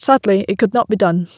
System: none